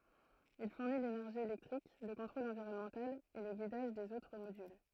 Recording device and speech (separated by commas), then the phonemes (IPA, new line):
throat microphone, read sentence
il fuʁni lenɛʁʒi elɛktʁik lə kɔ̃tʁol ɑ̃viʁɔnmɑ̃tal e lə ɡidaʒ dez otʁ modyl